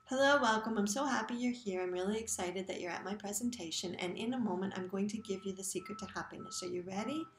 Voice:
monotone